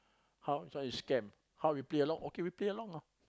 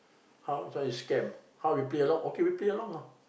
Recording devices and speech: close-talking microphone, boundary microphone, conversation in the same room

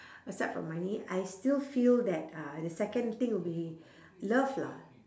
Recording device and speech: standing microphone, conversation in separate rooms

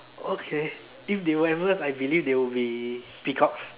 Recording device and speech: telephone, conversation in separate rooms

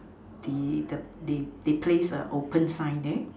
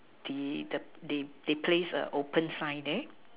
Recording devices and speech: standing microphone, telephone, conversation in separate rooms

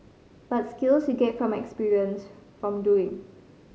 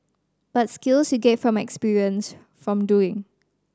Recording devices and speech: mobile phone (Samsung C5010), standing microphone (AKG C214), read sentence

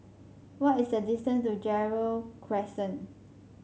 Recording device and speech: mobile phone (Samsung C5), read sentence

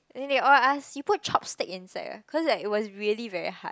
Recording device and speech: close-talking microphone, conversation in the same room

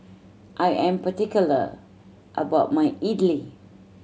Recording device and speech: mobile phone (Samsung C7100), read sentence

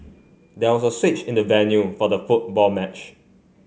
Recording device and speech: mobile phone (Samsung C5), read sentence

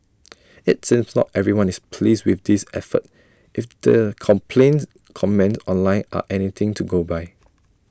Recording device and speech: standing microphone (AKG C214), read sentence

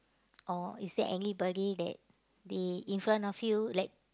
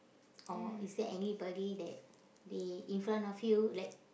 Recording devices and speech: close-talking microphone, boundary microphone, conversation in the same room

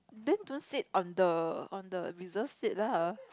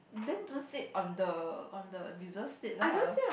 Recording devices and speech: close-talking microphone, boundary microphone, conversation in the same room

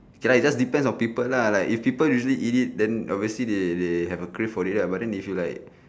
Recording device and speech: standing microphone, conversation in separate rooms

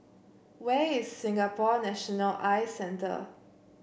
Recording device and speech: boundary microphone (BM630), read sentence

